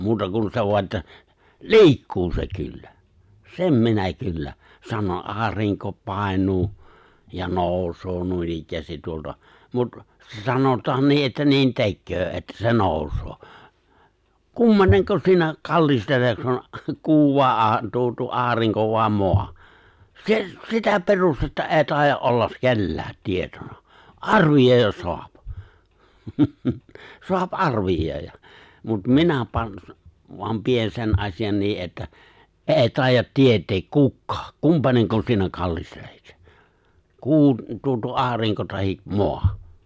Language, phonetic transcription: Finnish, 'muuta kun sev voa ’että , "li̬ikkuu se 'kyllä , "sem 'minä kyllä , 'sano’ '’aariŋko 'pài̬ǹuu , ja 'nòus̀oo 'nuinikkäästit tuolta , mut , 'sanot̀aan "nii ’että 'niin "tekköö että se "nòus̀oo , "kum(p)aneŋko 'siinä , "kallisteleksen , 'kuu vàe '’a- , 'tuo tuo "’aariŋko vài̬ "moa , 'se- , 'sitä 'perustetta '’eeⁱ 'tài̬jja’ ’ollas̳ "kelläät , 'tietona , "’arvijòi̬j̆jas 'soap , 'soap "’arvij̆jòi̬j̆ja , mut "minä 'pan , vam 'pien 'sen ’aśi₍an 'nii ’että , "’e̬e̬ 'tài̬jjat "tiet̀eek "kukkᴀᴀk , "kumpaneŋko 'siinä 'kallistelᴇɪksᴇ , 'kuu tuo tuo '’aariŋko tahi’ , "moa .
- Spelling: muuta kuin sen vain että liikkuu se kyllä sen minä kyllä sanon aurinko painuu ja nousee noinikään tuolta mutta sanotaan niin että niin tekee että se nousee kumpainenko siinä kallistelee kuu vai - tuo tuo aurinko vai maa - sitä perustetta ei taida olla kenelläkään tietona arvioida saa saa arvioida mutta minä panen vaan pidän sen asian niin että ei taida tietää kukaan kumpainenko siinä kallistelee kuu tuo tuo aurinko tai maa

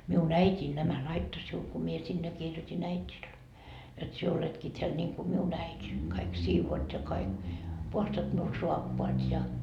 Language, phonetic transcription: Finnish, » 'miun "äit́iin nämä 'laitto siul ku mie sinne 'kirjotin 'äit́il , jot sie 'oletki teäl niŋku 'miun 'äit́i , kaik 'siivoot ja kaik , 'puhastat miul "suappoat ja . »
- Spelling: minun äitini nämä laittoi sinulle kun minä sinne kirjoitin äidille jotta sinä oletkin täällä niin kuin minun äiti kaikki siivoat ja kaikki puhdistat minulle saappaat ja

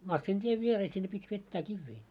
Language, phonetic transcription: Finnish, 'massintiev 'vieroo sinne pit́ 'vettää "kivvii .
- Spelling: masiinatien viereen sinne piti vetää kiviä

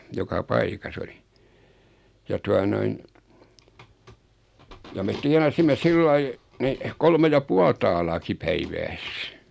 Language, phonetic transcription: Finnish, 'joka "paikas ‿oli , ja 'tua noin , ja met 'tianasimme 'sillai , nih , 'kolme ja "pual taalaaki "päivääs .
- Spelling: joka paikassa oli ja tuota noin ja me tienasimme sillä lailla niin kolme ja puoli taalaakin päivässä

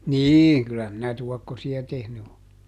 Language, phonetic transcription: Finnish, "niiŋ ˈkyllä minä ˈtuɔkkosi₍a ˈtehny o .
- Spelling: niin kyllä minä tuokkosia tehnyt olen

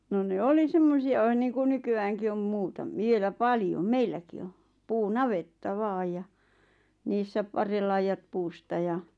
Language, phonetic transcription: Finnish, no ne "oli 'semmosi₍a ᵛᵃⁿ niiku 'nyky₍ääŋki om 'muutam- 'vielä "paljom "meilläki o , 'puu"navetta 'vaaj ja , 'niissä 'parrellaijaᵗ 'puusta ja ,.
- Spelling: no ne oli semmoisia sen niin kuin nykyäänkin on - vielä paljon meilläkin on puunavetta vain ja niissä parren laidat puusta ja

